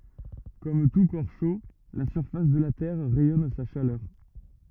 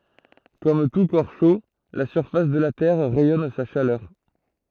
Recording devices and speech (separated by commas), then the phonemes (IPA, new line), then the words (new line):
rigid in-ear microphone, throat microphone, read sentence
kɔm tu kɔʁ ʃo la syʁfas də la tɛʁ ʁɛjɔn sa ʃalœʁ
Comme tout corps chaud, la surface de la Terre rayonne sa chaleur.